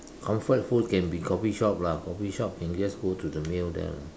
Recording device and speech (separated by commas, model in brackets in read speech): standing microphone, conversation in separate rooms